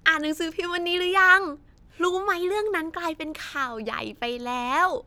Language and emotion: Thai, happy